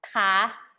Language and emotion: Thai, neutral